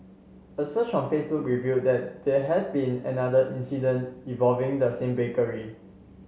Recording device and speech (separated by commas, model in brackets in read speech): mobile phone (Samsung C7), read sentence